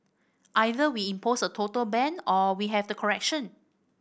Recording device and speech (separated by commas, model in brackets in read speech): boundary microphone (BM630), read sentence